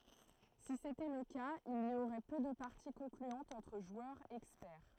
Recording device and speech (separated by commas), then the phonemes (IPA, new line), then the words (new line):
throat microphone, read sentence
si setɛ lə kaz il i oʁɛ pø də paʁti kɔ̃klyɑ̃tz ɑ̃tʁ ʒwœʁz ɛkspɛʁ
Si c’était le cas, il y aurait peu de parties concluantes entre joueurs experts.